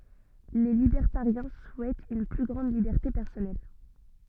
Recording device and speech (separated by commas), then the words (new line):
soft in-ear microphone, read sentence
Les libertariens souhaitent une plus grande liberté personnelle.